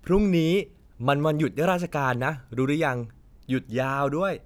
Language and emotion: Thai, happy